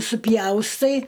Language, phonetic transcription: Lithuanian, suˈpjaustai

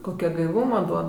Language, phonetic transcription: Lithuanian, koˈkia gaiˈvūma ˈduod

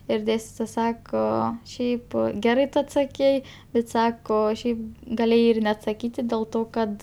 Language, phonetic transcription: Lithuanian, ir ˈdėstitoja ˈsako ˈšiaip ˈgerai ˈtu atsaˈkei bet ˈsako ˈšiaip gaˈlėjai ir neatsaˈkyti dėl ˈto ˈkad

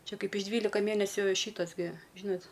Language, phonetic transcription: Lithuanian, ˈčia ˈkaip iš ˈdvylika ˈmėnesiu ˈšytas gi ˈžynat

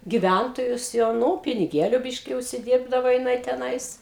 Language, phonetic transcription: Lithuanian, giˈvæntojus jau ˈnu piniˈgėliu ˈbiški užsiˈdyrbdavo jiˈnai teˈnais

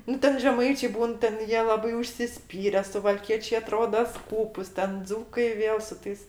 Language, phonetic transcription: Lithuanian, ˈnu ˈten žeˈmaičė ˈbūn ten ˈjie ˈlabai užsiˈspyre suvalˈkiečė aˈtroda ˈskūpus ˈten ˈdzūkai ˈvėl su ˈtais

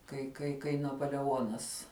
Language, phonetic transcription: Lithuanian, kai kai kai napoleˈonas

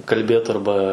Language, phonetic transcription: Lithuanian, kalˈbėt arˈba

